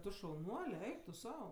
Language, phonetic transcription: Lithuanian, ˈtu šauˈnuole ˈeik tu ˈsau

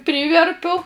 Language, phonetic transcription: Lithuanian, ˈpryverpiu

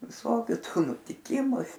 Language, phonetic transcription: Lithuanian, viˈsokiu ˈtų nutiˈkimu

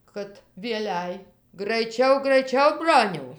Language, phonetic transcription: Lithuanian, kad vieˈlæi graiˈčiau graiˈčiau ˈbroniau

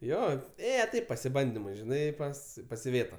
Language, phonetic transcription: Lithuanian, ˈjo ˈėje ˈtaip pasiˈbandimui žiˈnai ˈpas pas iˈvėta

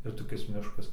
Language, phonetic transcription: Lithuanian, ir toˈkis ˈmiškas

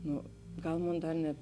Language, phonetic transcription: Lithuanian, ˈnu ˈgal ˈmon ˈdar net

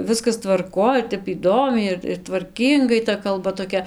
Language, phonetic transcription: Lithuanian, ˈviskas tvarˈkoj ir ˈtep įˈdomiai ir tvarˈkyngai ta kalˈba toˈkia

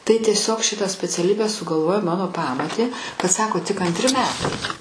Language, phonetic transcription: Lithuanian, tai tieˈsiog ˈšitą speciaˈlybę sugalˈvojo ˈmano ˈpamotė kad ˈsako tik antˈri meˈtai

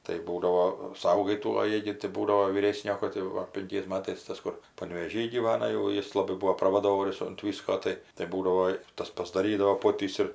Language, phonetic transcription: Lithuanian, tai ˈbūdavo ˈsaugai ˈtų o ˈjie gi tai ˈbūdavo vyˈrėsnio kad jau ˈva pinˈkiais ˈmatais ˈtas kur panvėˈžy gyˈvana jau ˈjis laˈbai ˈbuo pravaˈdovorius unt ˈvysko ˈtai tai ˈbūdavo i ˈtas pasdaˈrydavo ˈpotys ir

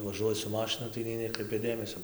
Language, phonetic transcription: Lithuanian, vaˈžuoji su ˈmašinu tai nei ˈnekraipia ˈdėmesio

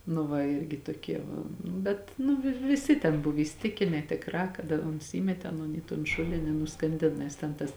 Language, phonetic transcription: Lithuanian, nu ˈva ˈirgi toˈkie ˈva ˈnu bet nu vi viˈsi ten ˈbuv įsiˈtikine tėkˈrā kad a ˈons ˈįmetė aˈnon į ton ˈšulini i nuskanˈdin nes ˈten tas

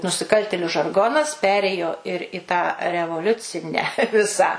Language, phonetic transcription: Lithuanian, nusiˈkaltėliu žarˈgonas ˈperėjo ir i tą revoˈliucinę ˈvisą

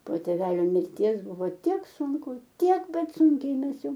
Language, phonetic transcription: Lithuanian, po tėˈvelio mirˈties ˈbuvo ˈtiek sunˈku ˈtiek ˈbet ˈsunkiai ˈmes ˈjau

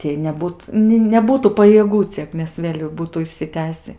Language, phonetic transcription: Lithuanian, ˈtiej neˈbūt ni neˈbūtų pajieˈgų ˈciek nes ˈvėl' jau ˈbūtų išsiˈtęsi

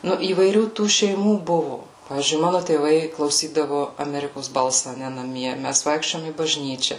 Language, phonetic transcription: Lithuanian, ˈnu įvaiˈrių tų šeiˈmų ˈbuvu ˈpavyzdžiui ˈmanu tėˈvai klauˈsydavu aˈmerikos ˈbalsa aˈne naˈmie ˈmæs ˈvaikščiojom į bažˈnyčia

